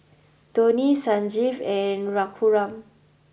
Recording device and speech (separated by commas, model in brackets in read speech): boundary microphone (BM630), read sentence